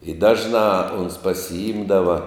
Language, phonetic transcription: Lithuanian, i ˈdažnā ons pasiˈimdava

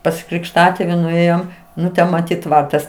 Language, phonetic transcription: Lithuanian, pas krikšˈtatėvi nuˈėjom ˈnu ˈten maˈtyt ˈtvartas

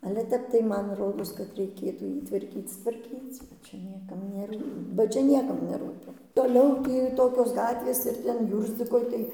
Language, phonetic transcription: Lithuanian, ale ˈtep tai ˈman ˈrodos kad reiˈkėtų ˈjį tvarˈkyc tvarˈkyc' ˈčia ˈniekam neˈrū ba ˈčia ˈniekam neˈrūpi ˈtoliau ˈtį ˈtokios ˈgatvės ir ˈten ˈjūrzdzikoj tai

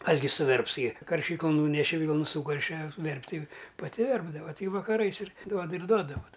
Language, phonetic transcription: Lithuanian, ˈkas gi suˈverps gi karˈšyklun ˈnūneše ˈvylnu ˈsūkarše ˈverpti paˈti ˈverpdava ˈti vakaˈrais ir ˈduoda ir ˈduoda vot

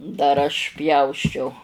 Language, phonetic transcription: Lithuanian, dar ˈaš ˈpjausčiau

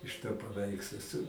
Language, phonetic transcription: Lithuanian, iš to paˈveikslo su

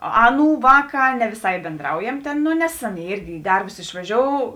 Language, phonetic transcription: Lithuanian, ˈaˌnų ˈvāˌkā ne viˈsai bėnˈdraujem tėn ˈno nes ˈaˌnėi ˈirgi i ˈdarbus išvaˈžiou

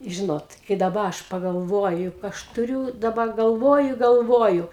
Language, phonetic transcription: Lithuanian, ˈžinot kai daˈba ˈaš pagalˈvoju ˈaš tuˈriū daˈba galˈvoju i galˈvoju

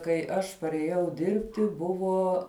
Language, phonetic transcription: Lithuanian, kai ˈaš parėˈjau ˈdirbti ˈbuvo

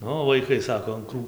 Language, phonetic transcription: Lithuanian, ˈnu vaiˈkai ˈsako an ˈkrū

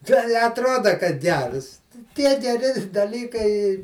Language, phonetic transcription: Lithuanian, ˈtei i atˈroda kad ˈgers ˈtie geˈri daˈlykai

